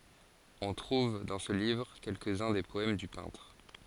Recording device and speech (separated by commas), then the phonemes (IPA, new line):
forehead accelerometer, read sentence
ɔ̃ tʁuv dɑ̃ sə livʁ kɛlkəz œ̃ de pɔɛm dy pɛ̃tʁ